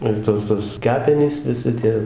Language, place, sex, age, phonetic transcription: Lithuanian, Dzūkija, male, 60+, ir ˈtos tos ˈkepenys viˈsi tie

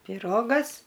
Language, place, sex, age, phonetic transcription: Lithuanian, Aukštaitija, female, 60+, piˈrogas

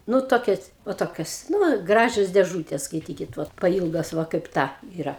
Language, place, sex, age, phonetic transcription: Lithuanian, Aukštaitija, female, 60+, ˈnu ˈtokias va ˈtokios ˈnu ˈgražios dėˈžūtės skaiˈtykit ˈvot paˈylgos ˈva kaip ˈta yˈra

